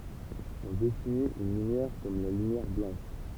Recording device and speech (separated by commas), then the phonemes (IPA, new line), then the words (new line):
temple vibration pickup, read sentence
ɔ̃ definit yn lymjɛʁ kɔm la lymjɛʁ blɑ̃ʃ
On définit une lumière comme la lumière blanche.